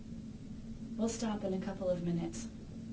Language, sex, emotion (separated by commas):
English, female, neutral